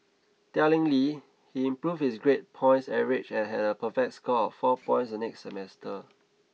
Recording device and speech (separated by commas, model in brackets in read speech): mobile phone (iPhone 6), read sentence